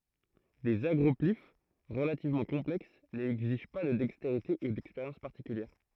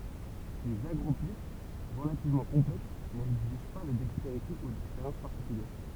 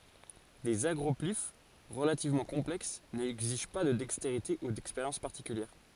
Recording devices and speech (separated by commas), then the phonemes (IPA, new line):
throat microphone, temple vibration pickup, forehead accelerometer, read sentence
dez aɡʁɔplif ʁəlativmɑ̃ kɔ̃plɛks nɛɡziʒ pa də dɛksteʁite u dɛkspeʁjɑ̃s paʁtikyljɛʁ